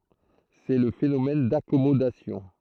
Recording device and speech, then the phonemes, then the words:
throat microphone, read sentence
sɛ lə fenomɛn dakɔmodasjɔ̃
C'est le phénomène d'accommodation.

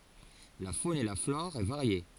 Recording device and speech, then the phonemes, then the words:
forehead accelerometer, read sentence
la fon e la flɔʁ ɛ vaʁje
La faune et la flore est variée.

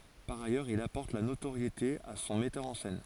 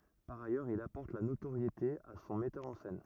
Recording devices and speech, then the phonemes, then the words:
forehead accelerometer, rigid in-ear microphone, read sentence
paʁ ajœʁz il apɔʁt la notoʁjete a sɔ̃ mɛtœʁ ɑ̃ sɛn
Par ailleurs, il apporte la notoriété à son metteur en scène.

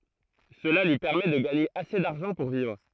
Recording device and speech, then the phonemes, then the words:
throat microphone, read sentence
səla lyi pɛʁmɛ də ɡaɲe ase daʁʒɑ̃ puʁ vivʁ
Cela lui permet de gagner assez d'argent pour vivre.

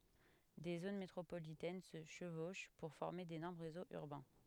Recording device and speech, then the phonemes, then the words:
headset microphone, read sentence
de zon metʁopolitɛn sə ʃəvoʃ puʁ fɔʁme denɔʁm ʁezoz yʁbɛ̃
Des zones métropolitaines se chevauchent pour former d'énormes réseaux urbains.

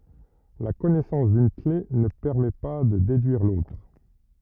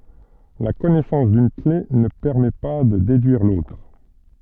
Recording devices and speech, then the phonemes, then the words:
rigid in-ear microphone, soft in-ear microphone, read sentence
la kɔnɛsɑ̃s dyn kle nə pɛʁmɛ pa də dedyiʁ lotʁ
La connaissance d'une clef ne permet pas de déduire l'autre.

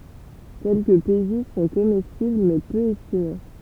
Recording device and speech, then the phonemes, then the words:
temple vibration pickup, read sentence
kɛlkəə peziz sɔ̃ komɛstibl mɛ pø ɛstime
Quelques pézizes sont comestibles mais peu estimées.

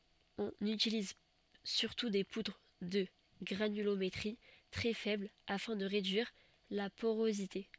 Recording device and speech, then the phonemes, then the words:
soft in-ear microphone, read sentence
ɔ̃n ytiliz syʁtu de pudʁ də ɡʁanylometʁi tʁɛ fɛbl afɛ̃ də ʁedyiʁ la poʁozite
On utilise surtout des poudres de granulométrie très faible afin de réduire la porosité.

